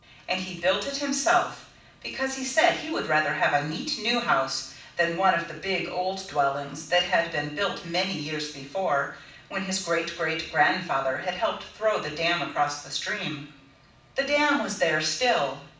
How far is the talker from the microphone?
5.8 m.